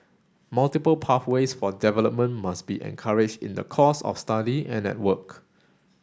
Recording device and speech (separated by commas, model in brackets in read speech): standing microphone (AKG C214), read sentence